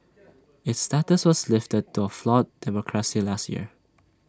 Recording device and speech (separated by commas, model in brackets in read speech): standing microphone (AKG C214), read sentence